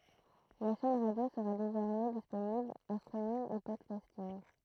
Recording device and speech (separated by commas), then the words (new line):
throat microphone, read sentence
La chaîne radio sera désormais disponible en streaming et podcasting.